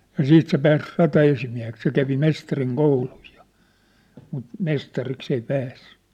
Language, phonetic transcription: Finnish, ja 'siit se pääs rata₍esimiä̭hek se 'kävi 'mestariŋ 'kouluj jᴏ , mut , 'mestariks ‿ei 'päässʏ .
- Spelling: ja sitten se pääsi rataesimieheksi se kävi mestarin koulun jo mutta mestariksi ei päässyt

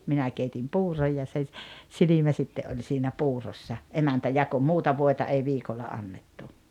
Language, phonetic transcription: Finnish, 'minä keitim "puuroj ja se ‿s- , 'silimä sitte ’oĺ siinä 'puurossa , 'emäntä 'jako "muuta 'vòeta 'ei 'viikolla "annettu .
- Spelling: minä keitin puuron ja se - silmä sitten oli siinä puurossa emäntä jakoi muuta voita ei viikolla annettu

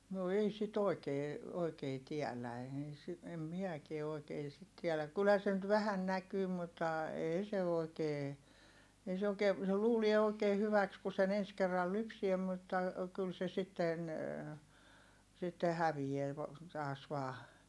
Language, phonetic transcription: Finnish, no ei sit ‿òi̮kee , oikee tiälä eei si- , em miäkie oi̮kee sit tiɛläk - kylhä se nyt vähän näkyy muttà , èi se òi̮kee , ei se òi̮kee , se luulie òi̮kee hyväks ku sen ‿ens kerral lypsie mutta , kyl se sitten , sitte hävijeä vo- , taas vaa .
- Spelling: no ei sitä oikein oikein tiedä ei - en minäkään oikein sitä tiedä kyllähän se nyt vähän näkyy mutta ei se oikein ei se oikein se luulee oikein hyväksi kun sen ensi kerralla lypsää mutta kyllä se sitten sitten häviää - taas vain

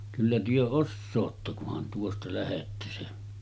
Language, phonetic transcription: Finnish, » kyllä työ 'ossootta kuhan tuosta 'lähettä « se ,.
- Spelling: kyllä te osaatte kunhan tuosta lähdette se

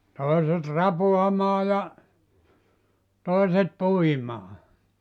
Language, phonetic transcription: Finnish, 'toiset "rapuamaa ja , 'tòiset "puimaa .
- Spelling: toiset rapaamaan ja toiset puimaan

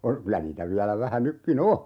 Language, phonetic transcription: Finnish, o- , 'kylä niitä 'viälä 'vähä 'nykki"n ‿o !
- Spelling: - kyllä niitä vielä vähän nytkin on

